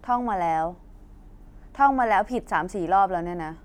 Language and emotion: Thai, frustrated